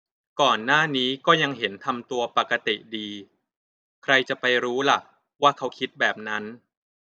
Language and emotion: Thai, neutral